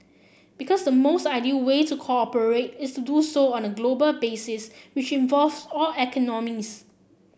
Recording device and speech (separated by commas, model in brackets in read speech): boundary microphone (BM630), read sentence